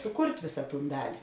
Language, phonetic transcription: Lithuanian, suˈkurt' ˈvisa ˈtūn ˈdali

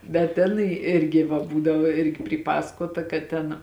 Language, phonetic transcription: Lithuanian, bet ˈtenai ˈirgi va ˈbūdavo ˈirgi pryˈpasakota kad ˈten

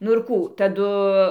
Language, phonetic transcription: Lithuanian, nu irˈ kų taˈdu

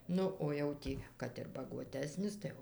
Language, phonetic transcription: Lithuanian, ˈnu o jau ˈtį kad ir baguoˈtesnis tai ˈjau

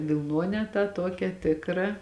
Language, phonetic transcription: Lithuanian, vilˈnuonę tą ˈtuokią ˈtikra

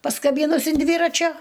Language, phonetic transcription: Lithuanian, paskaˈbynus in ˈdvyračio

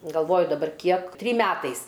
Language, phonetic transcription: Lithuanian, galˈvoju daˈbar ˈkiek ˈtrym ˈmetais

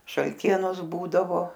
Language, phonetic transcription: Lithuanian, šalˈtienos ˈbūdavo

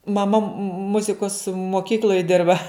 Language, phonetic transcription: Lithuanian, maˈma ˈmuzikos moˈkykl'oj ˈdirba

